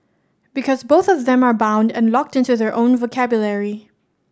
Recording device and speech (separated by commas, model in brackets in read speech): standing microphone (AKG C214), read sentence